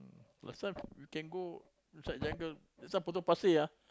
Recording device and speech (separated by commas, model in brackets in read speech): close-talking microphone, conversation in the same room